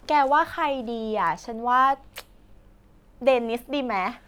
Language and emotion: Thai, happy